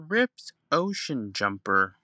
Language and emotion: English, angry